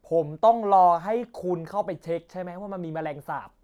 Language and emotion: Thai, angry